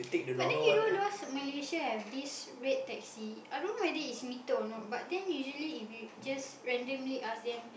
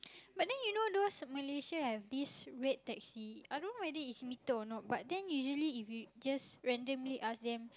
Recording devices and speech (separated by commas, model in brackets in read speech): boundary microphone, close-talking microphone, conversation in the same room